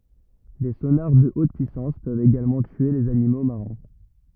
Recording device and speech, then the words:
rigid in-ear microphone, read sentence
Des sonars de haute puissance peuvent également tuer les animaux marins.

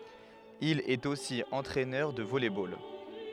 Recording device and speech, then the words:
headset microphone, read sentence
Il est aussi entraineur de volley-ball.

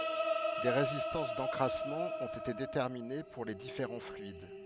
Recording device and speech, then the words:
headset microphone, read sentence
Des résistances d'encrassement ont été déterminées pour les différents fluides.

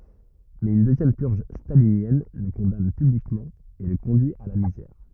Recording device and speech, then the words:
rigid in-ear microphone, read sentence
Mais une deuxième purge stalinienne le condamne publiquement et le conduit à la misère.

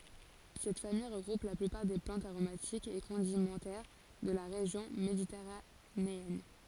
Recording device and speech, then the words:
forehead accelerometer, read sentence
Cette famille regroupe la plupart des plantes aromatiques et condimentaires de la région méditerranéenne.

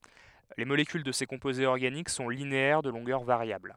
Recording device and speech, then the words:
headset microphone, read sentence
Les molécules de ces composés organiques sont linéaires de longueur variable.

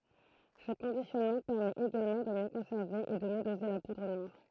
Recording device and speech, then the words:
throat microphone, read sentence
Ce conditionnement permet également de mieux conserver et de mieux doser la poudre noire.

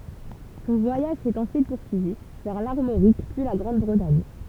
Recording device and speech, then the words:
temple vibration pickup, read sentence
Son voyage s'est ensuite poursuivi vers l'Armorique puis la Grande-Bretagne.

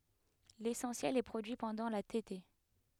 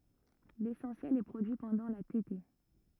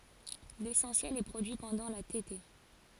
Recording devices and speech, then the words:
headset microphone, rigid in-ear microphone, forehead accelerometer, read sentence
L'essentiel est produit pendant la tétée.

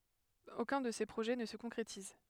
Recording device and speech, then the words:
headset microphone, read sentence
Aucun de ces projets ne se concrétise.

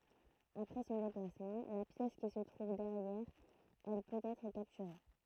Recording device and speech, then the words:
throat microphone, read sentence
Après son déplacement, la pièce qui se trouve derrière elle peut être capturée.

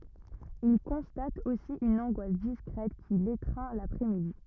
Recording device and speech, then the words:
rigid in-ear microphone, read sentence
Il constate aussi une angoisse discrète qui l’étreint l’après-midi.

